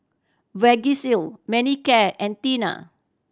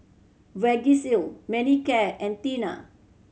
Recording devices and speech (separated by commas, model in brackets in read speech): standing microphone (AKG C214), mobile phone (Samsung C7100), read sentence